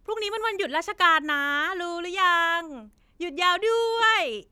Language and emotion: Thai, happy